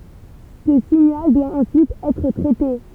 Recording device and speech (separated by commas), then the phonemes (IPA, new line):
temple vibration pickup, read sentence
sə siɲal dwa ɑ̃syit ɛtʁ tʁɛte